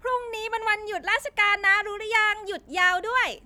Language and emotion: Thai, happy